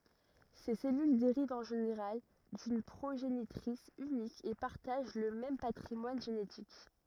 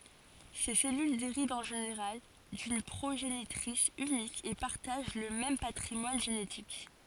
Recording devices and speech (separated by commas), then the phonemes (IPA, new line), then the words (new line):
rigid in-ear microphone, forehead accelerometer, read sentence
se sɛlyl deʁivt ɑ̃ ʒeneʁal dyn pʁoʒenitʁis ynik e paʁtaʒ lə mɛm patʁimwan ʒenetik
Ces cellules dérivent en général d'une progénitrice unique et partagent le même patrimoine génétique.